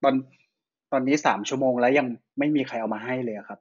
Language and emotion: Thai, frustrated